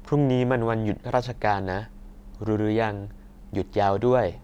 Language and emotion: Thai, neutral